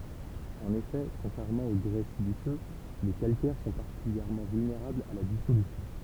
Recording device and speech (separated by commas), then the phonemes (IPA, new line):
temple vibration pickup, read sentence
ɑ̃n efɛ kɔ̃tʁɛʁmɑ̃ o ɡʁɛ silisø le kalkɛʁ sɔ̃ paʁtikyljɛʁmɑ̃ vylneʁablz a la disolysjɔ̃